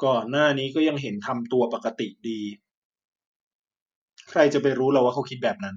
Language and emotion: Thai, frustrated